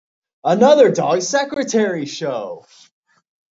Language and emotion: English, surprised